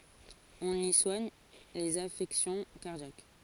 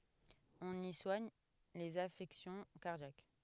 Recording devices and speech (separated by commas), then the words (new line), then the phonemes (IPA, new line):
forehead accelerometer, headset microphone, read sentence
On y soigne les affections cardiaques.
ɔ̃n i swaɲ lez afɛksjɔ̃ kaʁdjak